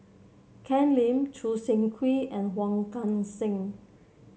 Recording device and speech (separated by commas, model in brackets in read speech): mobile phone (Samsung C7), read sentence